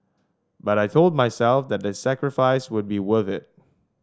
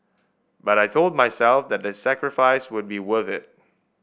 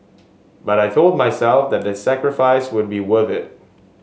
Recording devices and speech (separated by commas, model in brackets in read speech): standing microphone (AKG C214), boundary microphone (BM630), mobile phone (Samsung S8), read sentence